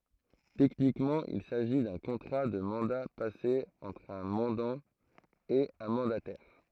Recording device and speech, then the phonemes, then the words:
throat microphone, read sentence
tɛknikmɑ̃ il saʒi dœ̃ kɔ̃tʁa də mɑ̃da pase ɑ̃tʁ œ̃ mɑ̃dɑ̃ e œ̃ mɑ̃datɛʁ
Techniquement il s'agit d'un contrat de mandat passé entre un mandant et un mandataire.

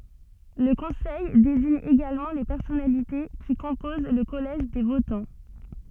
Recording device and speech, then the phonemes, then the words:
soft in-ear microphone, read sentence
lə kɔ̃sɛj deziɲ eɡalmɑ̃ le pɛʁsɔnalite ki kɔ̃poz lə kɔlɛʒ de votɑ̃
Le Conseil désigne également les personnalités qui composent le collège des votants.

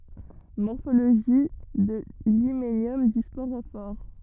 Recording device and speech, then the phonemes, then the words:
rigid in-ear microphone, read sentence
mɔʁfoloʒi də limenjɔm dy spoʁofɔʁ
Morphologie de l'hyménium du sporophore.

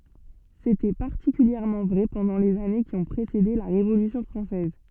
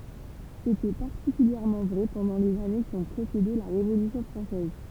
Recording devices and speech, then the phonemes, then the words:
soft in-ear microphone, temple vibration pickup, read sentence
setɛ paʁtikyljɛʁmɑ̃ vʁɛ pɑ̃dɑ̃ lez ane ki ɔ̃ pʁesede la ʁevolysjɔ̃ fʁɑ̃sɛz
C'était particulièrement vrai pendant les années qui ont précédé la Révolution française.

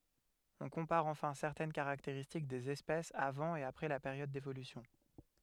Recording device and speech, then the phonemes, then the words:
headset microphone, read sentence
ɔ̃ kɔ̃paʁ ɑ̃fɛ̃ sɛʁtɛn kaʁakteʁistik dez ɛspɛsz avɑ̃ e apʁɛ la peʁjɔd devolysjɔ̃
On compare enfin certaines caractéristiques des espèces avant et après la période d'évolution.

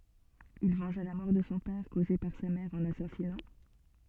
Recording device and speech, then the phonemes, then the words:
soft in-ear microphone, read sentence
il vɑ̃ʒa la mɔʁ də sɔ̃ pɛʁ koze paʁ sa mɛʁ ɑ̃ lasazinɑ̃
Il vengea la mort de son père causée par sa mère en l'assasinant.

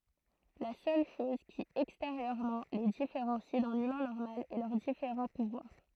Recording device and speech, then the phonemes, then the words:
throat microphone, read sentence
la sœl ʃɔz ki ɛksteʁjøʁmɑ̃ le difeʁɑ̃si dœ̃n ymɛ̃ nɔʁmal ɛ lœʁ difeʁɑ̃ puvwaʁ
La seule chose qui, extérieurement, les différencie d'un humain normal est leurs différents pouvoirs.

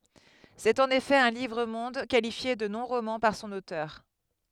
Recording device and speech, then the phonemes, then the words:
headset microphone, read sentence
sɛt ɑ̃n efɛ œ̃ livʁ mɔ̃d kalifje də nɔ̃ ʁomɑ̃ paʁ sɔ̃n otœʁ
C'est en effet un livre-monde, qualifié de non-roman par son auteur.

